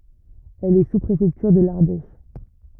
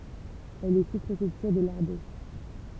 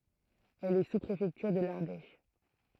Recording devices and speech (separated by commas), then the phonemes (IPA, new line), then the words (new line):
rigid in-ear microphone, temple vibration pickup, throat microphone, read sentence
ɛl ɛ suspʁefɛktyʁ də laʁdɛʃ
Elle est sous-préfecture de l'Ardèche.